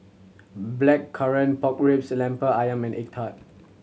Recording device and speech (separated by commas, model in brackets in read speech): mobile phone (Samsung C7100), read sentence